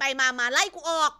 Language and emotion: Thai, angry